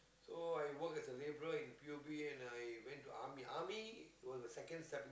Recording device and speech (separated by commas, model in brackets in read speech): close-talking microphone, conversation in the same room